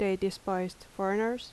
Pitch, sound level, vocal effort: 195 Hz, 80 dB SPL, normal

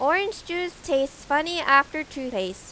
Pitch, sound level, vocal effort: 295 Hz, 93 dB SPL, loud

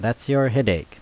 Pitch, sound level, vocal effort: 130 Hz, 83 dB SPL, normal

